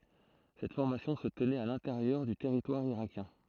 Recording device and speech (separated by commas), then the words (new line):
throat microphone, read sentence
Cette formation se tenait à l'intérieur du territoire irakien.